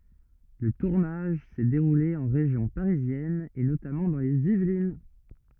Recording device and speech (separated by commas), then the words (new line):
rigid in-ear microphone, read sentence
Le tournage s'est déroulé en région parisienne et notamment dans les Yvelines.